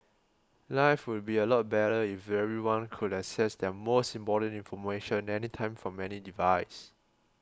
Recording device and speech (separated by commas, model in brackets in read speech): close-talking microphone (WH20), read sentence